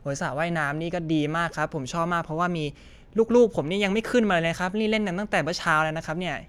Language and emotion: Thai, happy